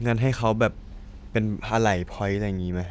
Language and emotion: Thai, neutral